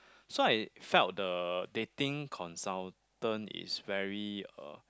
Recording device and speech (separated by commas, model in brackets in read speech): close-talking microphone, conversation in the same room